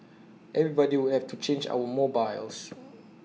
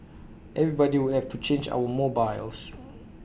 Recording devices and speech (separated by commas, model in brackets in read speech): mobile phone (iPhone 6), boundary microphone (BM630), read sentence